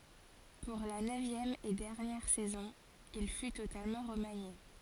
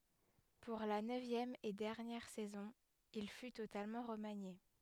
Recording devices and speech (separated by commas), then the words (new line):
forehead accelerometer, headset microphone, read sentence
Pour la neuvième et dernière saison, il fut totalement remanié.